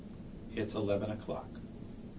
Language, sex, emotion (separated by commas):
English, male, neutral